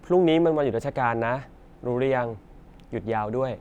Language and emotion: Thai, neutral